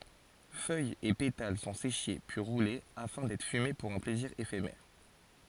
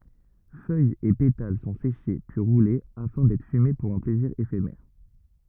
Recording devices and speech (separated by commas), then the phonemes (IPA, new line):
forehead accelerometer, rigid in-ear microphone, read sentence
fœjz e petal sɔ̃ seʃe pyi ʁule afɛ̃ dɛtʁ fyme puʁ œ̃ plɛziʁ efemɛʁ